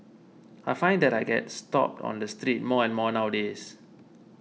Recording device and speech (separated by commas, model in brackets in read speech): mobile phone (iPhone 6), read sentence